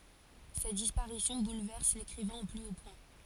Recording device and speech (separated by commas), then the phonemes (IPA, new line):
forehead accelerometer, read sentence
sɛt dispaʁisjɔ̃ bulvɛʁs lekʁivɛ̃ o ply o pwɛ̃